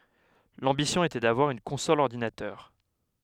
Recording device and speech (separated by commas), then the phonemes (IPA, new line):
headset microphone, read sentence
lɑ̃bisjɔ̃ etɛ davwaʁ yn kɔ̃sɔl ɔʁdinatœʁ